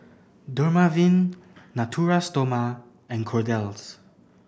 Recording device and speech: boundary microphone (BM630), read sentence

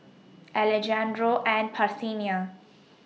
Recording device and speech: mobile phone (iPhone 6), read sentence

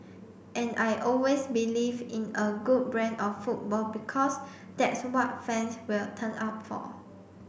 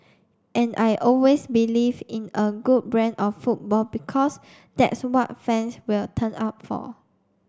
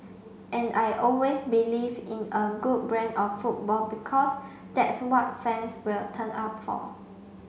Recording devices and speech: boundary microphone (BM630), standing microphone (AKG C214), mobile phone (Samsung C5), read sentence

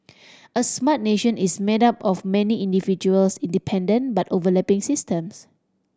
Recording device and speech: standing microphone (AKG C214), read sentence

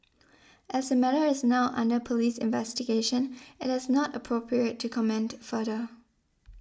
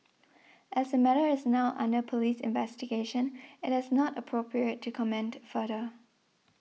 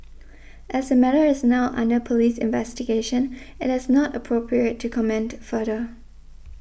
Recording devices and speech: standing microphone (AKG C214), mobile phone (iPhone 6), boundary microphone (BM630), read sentence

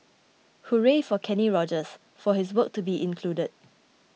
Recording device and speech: mobile phone (iPhone 6), read sentence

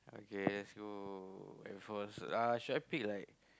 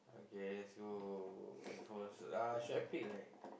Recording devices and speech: close-talking microphone, boundary microphone, conversation in the same room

